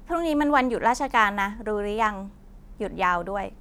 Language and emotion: Thai, neutral